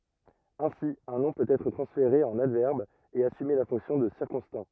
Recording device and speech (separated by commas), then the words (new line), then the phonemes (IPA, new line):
rigid in-ear microphone, read sentence
Ainsi, un nom peut être transféré en adverbe et assumer la fonction de circonstant.
ɛ̃si œ̃ nɔ̃ pøt ɛtʁ tʁɑ̃sfeʁe ɑ̃n advɛʁb e asyme la fɔ̃ksjɔ̃ də siʁkɔ̃stɑ̃